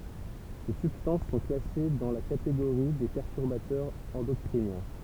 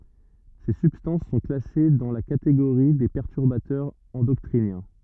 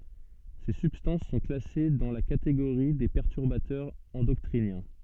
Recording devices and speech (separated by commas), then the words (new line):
temple vibration pickup, rigid in-ear microphone, soft in-ear microphone, read sentence
Ces substances sont classées dans la catégorie des perturbateurs endocriniens.